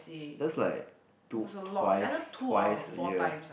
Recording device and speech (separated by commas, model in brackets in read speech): boundary microphone, conversation in the same room